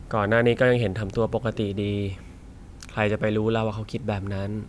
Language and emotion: Thai, frustrated